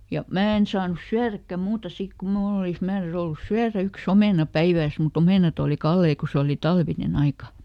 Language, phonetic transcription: Finnish, ˈja , ˈmää en saanus "syäräkkä ˈmuuta ˈsik ku "mnuul ‿olis ˈmäärä₍ys ‿ollus "syärä ˈyk"s ‿omèna "päivääs muˈt ‿omènat ‿òli "kallei ko ˈse oli ˈtalvineˈn ‿aika .
- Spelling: ja minä en saanut syödäkään muuta sitten kun minulla olisi määräys ollut syödäkään yksi omena päivässä mutta omenat oli kalliita kun se oli talvinen aika

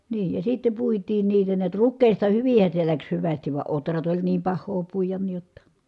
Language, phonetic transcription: Finnish, nii , ja sitte puitiin niitä niät , ruk̆kèista hyvin̬hä se läks hyvästiv va otrat oĺ niim pah̆hoo puijan ni jotta .
- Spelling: niin ja sitten puitiin niitä näet rukiista hyvinhän se lähti hyvästi vaan ohrat oli niin pahaa puida niin jotta

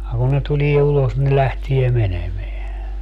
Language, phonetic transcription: Finnish, (ja) kun ne 'tulie 'ulos ne 'lähtie "menemeä .
- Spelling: ja kun ne tulee ulos ne lähtee menemään

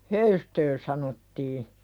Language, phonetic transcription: Finnish, höystö sanottii .
- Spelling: höystö sanottiin

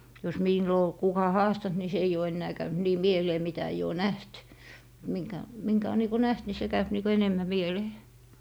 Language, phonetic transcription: Finnish, jos 'mìllo ol 'kuka "haastant ni se eij ‿oo ennää 'käynt 'nii "mielee mitä eij ‿oo "näht , 'miŋkä , 'miŋkä o niiko "näht ni se 'käyp niiko 'enemmä "mielee .
- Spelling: jos milloin oli kuka haastanut niin se ei ole enää käynyt niin mieleen mitä ei ole nähnyt minkä minkä on niin kuin nähnyt niin se käy niin kuin enemmän mieleen

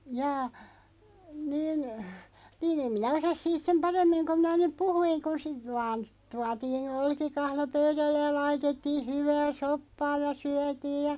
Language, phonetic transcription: Finnish, 'jaa , niin , nii'n ‿em minä 'osas siit sem "paremmiŋ koᵐ 'minä nyp 'puhuiŋ ku sit vaan , 'tuatii'n ‿olki'kahlo 'pöyðällej ja 'laitettiiʰ 'hyvää "soppaa ja "syätiij ja ,.
- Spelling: jaa niin niin en minä osaa siitä sen paremmin kuin minä nyt puhuin kun sitten vain tuotiin olkikahlo pöydälle ja laitettiin hyvää soppaa ja syötiin ja

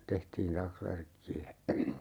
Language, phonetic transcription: Finnish, 'tehtiin "taksvärkki₍ä .
- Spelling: tehtiin taksvärkkiä

